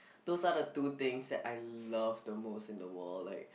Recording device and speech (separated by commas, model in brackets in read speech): boundary microphone, conversation in the same room